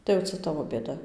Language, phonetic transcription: Lithuanian, tai jau ˈca ˈtavo bėˈda

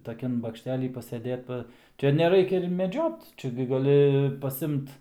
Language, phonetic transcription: Lithuanian, taˈkian bakšˈtely paseˈdėt ˈpa ˈčia neˈraikia ir meˈdžiot ˈčia gi gaˈli pasˈimt

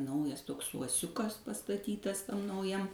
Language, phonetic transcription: Lithuanian, ˈnaujas ˈtoks uoˈsiukas pastaˈtytas ˈtam nauˈjam

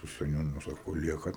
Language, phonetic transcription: Lithuanian, su seˈniūnu ˈsako ˈliekat

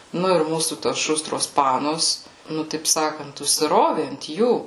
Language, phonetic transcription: Lithuanian, ˈnu ir ˈmūsų tos ˈšustros ˈpanos ˈnu taip ˈsakant užsiˈrovė ant ˈjų

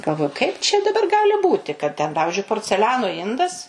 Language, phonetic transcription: Lithuanian, galˈvoju kaip čia daˈbar ˈgali ˈbūti kad ten ˈpavižiui porceˈliano ˈindas

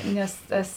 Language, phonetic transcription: Lithuanian, ˈnes ˈtas

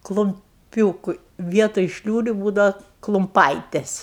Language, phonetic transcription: Lithuanian, klumˈpiūku ˈvietoj ˈšliūriu ˈbūdava klumˈpaites

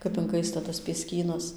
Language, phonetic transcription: Lithuanian, kap inˈkaista tas pieˈskynas

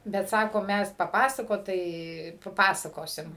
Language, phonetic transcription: Lithuanian, bet ˈsako ˈmæs paˈpasakot tai paˈpasakosim

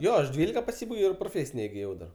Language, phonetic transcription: Lithuanian, ˈjo aš ˈdvylika paˈsybaigiau ir proˈfėsine igiˈjau dar

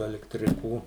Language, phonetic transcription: Lithuanian, alektriˈkų

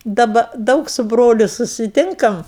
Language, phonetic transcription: Lithuanian, daˈba ˈdaug su ˈbroliu susiˈtinkam

